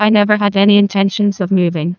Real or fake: fake